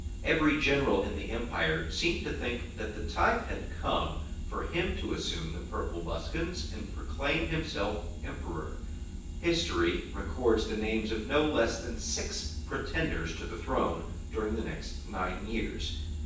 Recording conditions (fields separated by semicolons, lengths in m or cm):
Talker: one person; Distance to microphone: 9.8 m; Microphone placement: far; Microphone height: 1.8 m; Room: large; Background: none